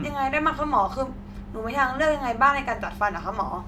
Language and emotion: Thai, neutral